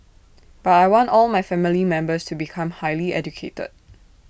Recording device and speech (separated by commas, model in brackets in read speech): boundary microphone (BM630), read sentence